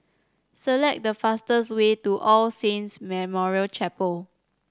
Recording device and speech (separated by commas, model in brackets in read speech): standing microphone (AKG C214), read sentence